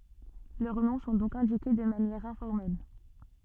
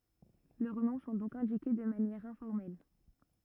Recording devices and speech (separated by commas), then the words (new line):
soft in-ear microphone, rigid in-ear microphone, read sentence
Leurs noms sont donc indiqués de manière informelle.